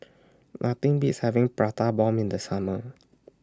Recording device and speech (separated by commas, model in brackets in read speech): standing microphone (AKG C214), read sentence